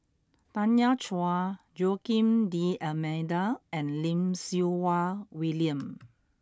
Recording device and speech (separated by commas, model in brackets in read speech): close-talking microphone (WH20), read sentence